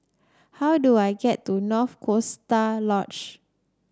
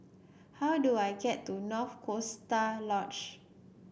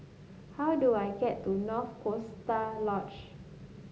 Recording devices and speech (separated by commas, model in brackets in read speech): standing microphone (AKG C214), boundary microphone (BM630), mobile phone (Samsung S8), read sentence